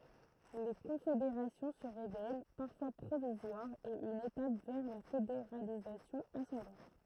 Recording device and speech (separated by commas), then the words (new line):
throat microphone, read sentence
Les confédérations se révèlent parfois provisoires et une étape vers la fédéralisation ascendante.